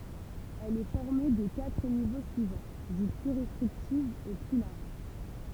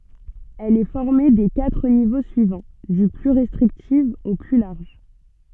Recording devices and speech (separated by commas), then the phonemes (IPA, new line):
temple vibration pickup, soft in-ear microphone, read sentence
ɛl ɛ fɔʁme de katʁ nivo syivɑ̃ dy ply ʁɛstʁiktif o ply laʁʒ